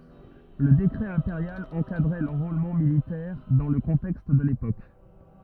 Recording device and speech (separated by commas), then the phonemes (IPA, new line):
rigid in-ear microphone, read sentence
lə dekʁɛ ɛ̃peʁjal ɑ̃kadʁɛ lɑ̃ʁolmɑ̃ militɛʁ dɑ̃ lə kɔ̃tɛkst də lepok